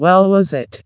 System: TTS, vocoder